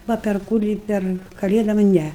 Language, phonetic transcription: Lithuanian, ˈva per ˈkurį ˈper kaˈlėdom ˈne

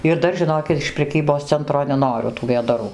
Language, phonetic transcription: Lithuanian, ir ˈdar žiˈnokit iš preˈkybos ˈcentro neˈnoriu tų vėdaˈrų

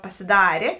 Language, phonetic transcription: Lithuanian, pasiˈdarė

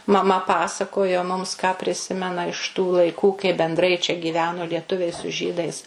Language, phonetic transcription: Lithuanian, maˈma ˈpasakojo mums ką priˈsimena iš tų laiˈkų kai benˈdrai čia gyˈveno lieˈtuviai su ˈžydais

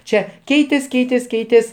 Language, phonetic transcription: Lithuanian, ˈčia ˈkeitės ˈkeitės ˈkeitės

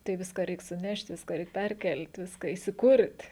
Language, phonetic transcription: Lithuanian, tai ˈviską ˈreik suˈnešt' ˈviską ˈreik ˈperˌkel't' ˈviską įsiˈkurt'

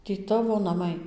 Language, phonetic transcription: Lithuanian, tį ˈtavo naˈmai

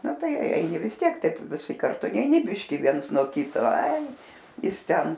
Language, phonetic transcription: Lithuanian, ˈna ˈtai ˈeini vis ˈtiek ˈtaip viˈsi karˈtu neiˈni ˈbiškį ˈviens nuo ˈkito ai ˈjis ˈten

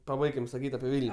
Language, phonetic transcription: Lithuanian, paˈbaikim saˈkyt' api ˈvil'n'

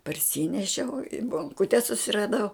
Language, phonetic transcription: Lithuanian, parˈsynešiau i bonˈkute susiraˈdau

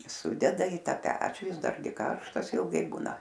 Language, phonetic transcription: Lithuanian, ˈsudeda į ˈtą ˈpečių ˈjis ˈdargi ˈkarštas ilˈgai ˈbūna

